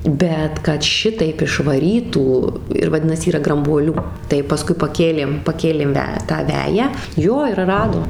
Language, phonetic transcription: Lithuanian, ˈbet kad ˈšitaip išvaˈrytų ir vaˈdinas ˈyra grambuoˈlių tai paˈskui paˈkėlėm paˈkėlėm ˈve tą ˈveją ˈjo ir ˈradom

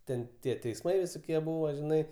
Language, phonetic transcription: Lithuanian, ˈten ˈtie teisˈmai visoˈkie ˈbuvo žiˈnai

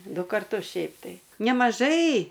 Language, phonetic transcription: Lithuanian, ˈdu karˈtus ˈšiaip tai nemaˈžai

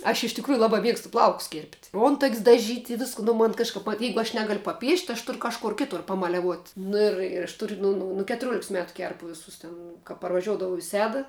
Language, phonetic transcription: Lithuanian, aš iš tikˈrųju ˈlaba ˈmiegstu ˈplaukus kėrpt' ˈontak's' daˈžyt' i ˈvisku nu ˈmon kažˈkap va ˈjeigu aš ˈnegal' paˈpiešt' aš ˈtur kažˈkor ˈkitur pamaliaˈvuot' nu ir ir aš tur' ˈnu nu nu ketuˈriuoliks ˈmetu ˈkerpu ˈvisus ten ka parvaˈžiuodavau i ˈseda

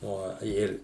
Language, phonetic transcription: Lithuanian, ˈo ˈir

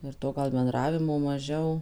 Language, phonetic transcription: Lithuanian, ir ˈto gal benˈdravimo maˈžiau

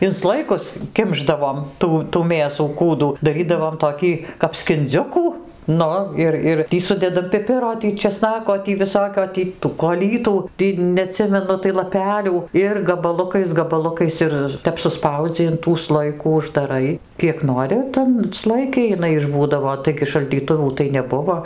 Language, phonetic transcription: Lithuanian, in ˈslojikus ˈkimšdavom ˈtų tų ˈmėsų ˈkūdų daˈrydavom toˈkį kap skinˈdziukų ˈnu ir ˈir ˈtį ˈsudedam piˈpiro ˈtį čeˈsnako ˈtį viˈsokio ˈtį tų koˈlytų ˈtį neaˈtsimenu tai laˈpelių ir gabaˈlukais gabaˈlukais ˈir ˈtep suˈspaudzi in tų ˈslojikų uždaˈrai ˈkiek ˈnori tan ˈslojiki jiˈnai išˈbūdavo ˈtaigi šaldyˈtuvų tai neˈbuvo

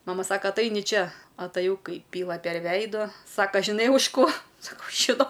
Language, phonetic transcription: Lithuanian, ˈmama ˈsaka atˈaini ˈčia ataˈjau ˈkai ˈpyla per ˈveido ˈsaka žiˈnai už ˈko saˈkau žiˈnau

